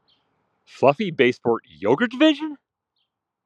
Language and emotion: English, surprised